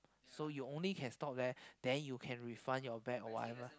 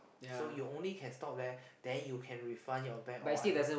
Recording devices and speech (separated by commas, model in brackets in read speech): close-talking microphone, boundary microphone, conversation in the same room